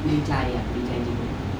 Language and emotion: Thai, neutral